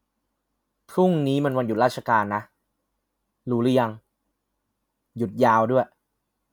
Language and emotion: Thai, neutral